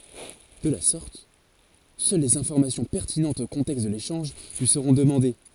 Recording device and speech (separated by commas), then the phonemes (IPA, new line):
forehead accelerometer, read sentence
də la sɔʁt sœl lez ɛ̃fɔʁmasjɔ̃ pɛʁtinɑ̃tz o kɔ̃tɛkst də leʃɑ̃ʒ lyi səʁɔ̃ dəmɑ̃de